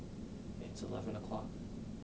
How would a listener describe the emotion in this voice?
neutral